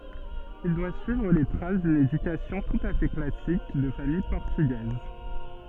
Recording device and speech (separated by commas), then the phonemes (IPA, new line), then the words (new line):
soft in-ear microphone, read sentence
il dwa syivʁ le tʁas dyn edykasjɔ̃ tut a fɛ klasik də famij pɔʁtyɡɛz
Il doit suivre les traces d'une éducation tout à fait classique de famille portugaise.